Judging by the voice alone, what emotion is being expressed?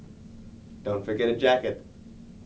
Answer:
neutral